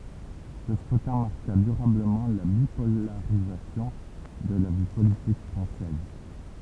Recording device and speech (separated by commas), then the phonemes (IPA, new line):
temple vibration pickup, read sentence
sə skʁytɛ̃ maʁka dyʁabləmɑ̃ la bipolaʁizasjɔ̃ də la vi politik fʁɑ̃sɛz